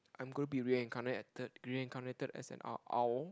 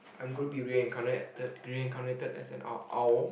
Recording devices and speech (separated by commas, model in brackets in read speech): close-talking microphone, boundary microphone, conversation in the same room